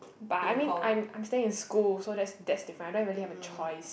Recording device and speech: boundary microphone, conversation in the same room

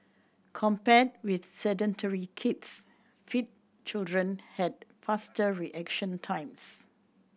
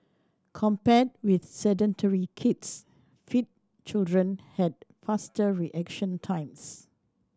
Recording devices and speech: boundary microphone (BM630), standing microphone (AKG C214), read sentence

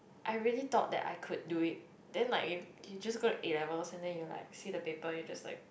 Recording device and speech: boundary microphone, conversation in the same room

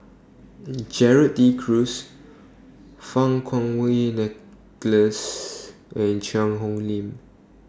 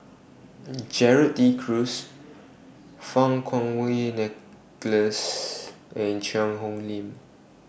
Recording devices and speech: standing microphone (AKG C214), boundary microphone (BM630), read sentence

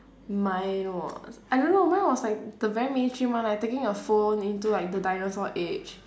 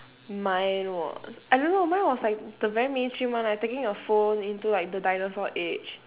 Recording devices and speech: standing microphone, telephone, conversation in separate rooms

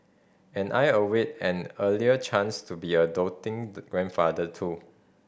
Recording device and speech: boundary microphone (BM630), read sentence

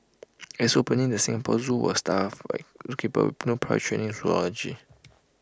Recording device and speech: close-talking microphone (WH20), read sentence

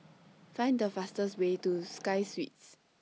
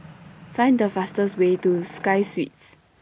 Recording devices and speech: mobile phone (iPhone 6), boundary microphone (BM630), read sentence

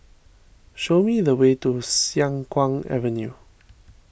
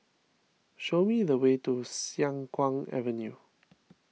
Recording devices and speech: boundary microphone (BM630), mobile phone (iPhone 6), read sentence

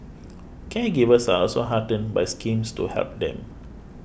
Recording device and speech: boundary microphone (BM630), read sentence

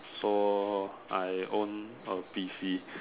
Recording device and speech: telephone, conversation in separate rooms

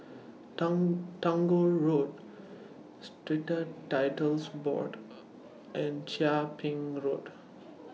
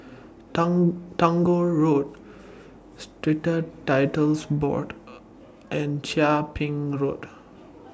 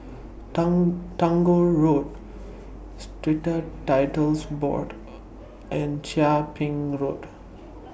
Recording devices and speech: mobile phone (iPhone 6), standing microphone (AKG C214), boundary microphone (BM630), read sentence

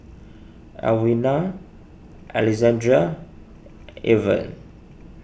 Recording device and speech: boundary microphone (BM630), read sentence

